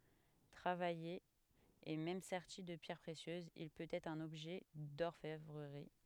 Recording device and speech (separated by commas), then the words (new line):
headset microphone, read sentence
Travaillé et même serti de pierres précieuses, il peut être un objet d'orfèvrerie.